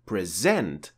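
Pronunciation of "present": In 'present', the stress falls on the second syllable, as in the verb.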